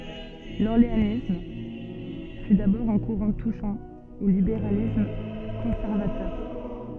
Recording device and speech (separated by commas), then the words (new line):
soft in-ear microphone, read sentence
L'orléanisme fut d'abord un courant touchant au libéralisme conservateur.